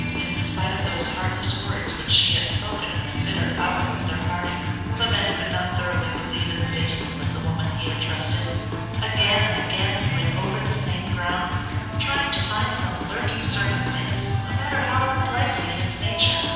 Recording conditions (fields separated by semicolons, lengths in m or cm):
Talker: one person; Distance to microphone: 7.1 m; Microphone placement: far; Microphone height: 1.7 m; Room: very reverberant, large; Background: music